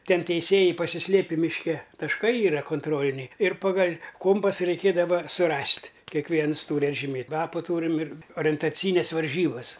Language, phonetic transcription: Lithuanian, ˈten teiˈsėjai pasiˈslėpi mišˈke tašˈkai ˈyra konˈtroliniai ir ˈpagal' ˈkompasa reiˈkėdava suˈrast' kekˈviens ˈtūr atžiˈmėt' lapų ˈtūrim ir orentaˈcyines varˈžybas

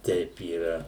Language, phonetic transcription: Lithuanian, ˈteip yˈra

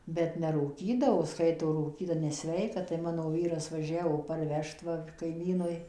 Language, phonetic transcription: Lithuanian, bet nerūˈkydavo ˈskaito rūˈkyta neˈsveika tai ˈmano ˈvyras vaˈžiavo parˈvežt ˈva kaiˈmynui

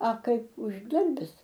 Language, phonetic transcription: Lithuanian, a ˈkaip užˈdarbis

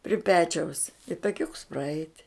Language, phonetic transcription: Lithuanian, pri ˈpečiaus i taˈkiuks praˈeit'

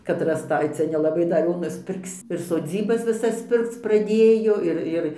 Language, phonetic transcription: Lithuanian, kad rasˈtai ˈcia nelaˈbai dar ˈjo nusˈpirks ir soˈdzybas viˈsas ˈpirkc praˈdėjo ˈir ˈir

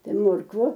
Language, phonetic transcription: Lithuanian, ˈtai ˈmorkvu

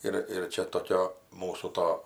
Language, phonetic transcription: Lithuanian, ˈir ir ˈčia toˈkio ˈmūsų ˈto

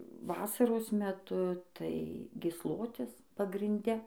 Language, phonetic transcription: Lithuanian, ˈvasaros meˈtu tai gysˈlotis pagrinˈde

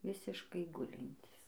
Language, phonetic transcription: Lithuanian, ˈvisiškai ˈgulintys

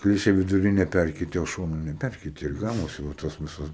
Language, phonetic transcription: Lithuanian, ˈkliše viduˈrine ˈpærkeitė o ˈšonu neˈpærkeitė ir ˈgavosi va ˈtos viˈsos

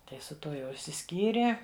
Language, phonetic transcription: Lithuanian, ˈtai su ˈtuo jau išsiˈskyrė

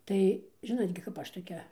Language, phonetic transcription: Lithuanian, ˈtai ˈžinot gi kap ˈaš toˈkia

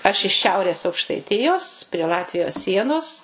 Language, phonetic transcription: Lithuanian, aš iš ˈšiaurės aukštaiˈtijos prie ˈlatvijos ˈsienos

